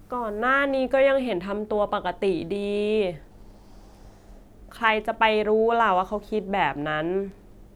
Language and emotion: Thai, frustrated